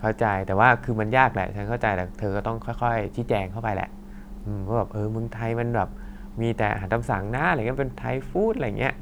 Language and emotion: Thai, frustrated